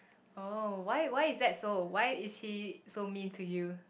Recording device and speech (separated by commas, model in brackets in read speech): boundary microphone, conversation in the same room